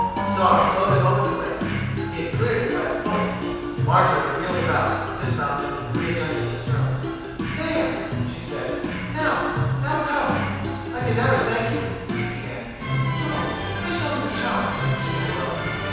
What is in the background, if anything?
Music.